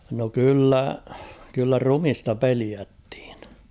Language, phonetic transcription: Finnish, no 'kyllä , kyllä 'rumista 'peliättɪɪɴ .
- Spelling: no kyllä kyllä ruumista pelättiin

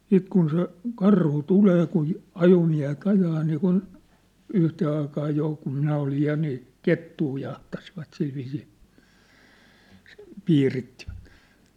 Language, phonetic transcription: Finnish, siit kun se , 'karhu 'tulee kun̬ , 'ajomiä̭he't ‿ajaa niikun , 'yhtee aikaa 'jò kum 'minä olij 'ja nii , 'kettuu jahtasivat silviisii , 'piirittivᴀ̈t .
- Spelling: sitten kun se karhu tulee kun ajomiehet ajaa niin kuin yhteen aikaan jo kun minä olin ja niin kettua jahtasivat sillä viisiin piirittivät

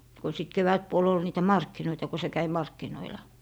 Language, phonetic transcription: Finnish, ko sit 'kevätpuol ‿ol niitä "markkinoita ko se käi 'markkinoila .
- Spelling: kun sitten kevätpuoli oli niitä markkinoita kun se kävi markkinoilla

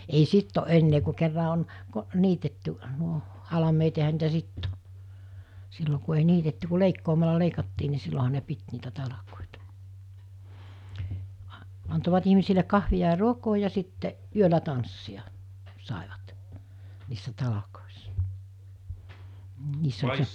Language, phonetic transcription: Finnish, ei 'sitt ‿o '’ennee ku kerra on , ko- , 'niitetty , nuo , 'halameet ja ehä niitä "sitt ‿o , 'sillo ku ei 'niitetty ku 'leikkoomala 'leikattii ni 'silloɦa ne 'pit niitä 'talakòìta , a- , antovat 'ihmisile 'kahvi₍a ja 'ruokoo ja sitte , 'yölä tanssi₍a , sàevat , niissä 'talakòessᴀ , ni 'niiss ‿oĺ .
- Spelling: ei sitten ole enää kun kerran on - niitetty nuo halmeet ja eihän niitä sitten ole silloin kun ei niitetty kuin leikkaamalla leikattiin niin silloinhan ne piti niitä talkoita - antoivat ihmisille kahvia ja ruokaa ja sitten yöllä tanssia saivat niissä talkoissa niin niissä oli

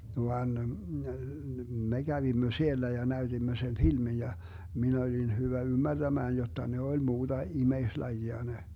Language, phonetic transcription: Finnish, 'van , 'me 'Gävimmö 'siellä ja 'näyDimmö sen 'filmin̬ ja , 'min ‿olin 'hyvä "ymmärDämään 'jotta 'ne oĺ 'muuDa "imeislajia 'ne .
- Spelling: vaan me kävimme siellä ja näytimme sen filmin ja minä olin hyvä ymmärtämään jotta ne oli muuta ihmislajia ne

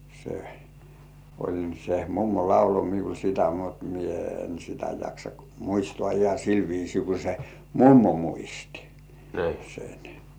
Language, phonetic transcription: Finnish, se , oĺ se "mummo 'laulo miul sitä mut 'mie en sitä jaksa "muistŏà iha 'sil viisii ku se "mummo muisti , sen .
- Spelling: se oli se mummo lauloi minulle sitä mutta minä en sitä jaksa muistaa ihan sillä viisiin kuin se mummo muisti sen

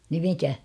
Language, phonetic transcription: Finnish, ni 'mikä ?
- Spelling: niin mikä

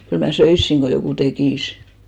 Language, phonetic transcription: Finnish, 'kyl mä "söissiŋ ɢo 'jokù 'tekìs .
- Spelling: kyllä minä söisin kun joku tekisi

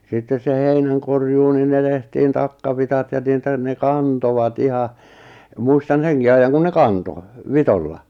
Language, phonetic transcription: Finnish, sittes se 'heinän̬korjuu nin ne tehtiin 'takkavitat ja niitä ne "kantovat 'iha , 'muistan̬ 'seŋki aijjaŋ kun 'ne "kanto , "vitolla .
- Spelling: sitten se heinänkorjuu niin ne tehtiin takkavitsat ja niitä ne kantoivat ihan muistan senkin ajan kun ne kantoi vitsoilla

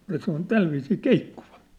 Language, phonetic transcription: Finnish, ja se ‿on "tälviisii "keikkuvᴀ .
- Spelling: ja se on tällä viisiin keikkuva

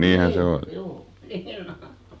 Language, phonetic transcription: Finnish, 'nii , "juu , 'nii'n ‿o .
- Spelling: niin juu niin on

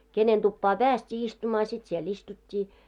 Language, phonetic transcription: Finnish, 'kenen tuppaa "pääst́ii istumaa "sit sie'l ‿istut́t́ii .
- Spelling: kenen tupaan päästiin istumaan sit siellä istuttiin

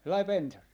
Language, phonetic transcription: Finnish, 'sellai "pensas .
- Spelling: sellainen pensas

